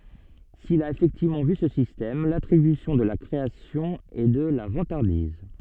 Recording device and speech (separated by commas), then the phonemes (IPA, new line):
soft in-ear microphone, read sentence
sil a efɛktivmɑ̃ vy sə sistɛm latʁibysjɔ̃ də la kʁeasjɔ̃ ɛ də la vɑ̃taʁdiz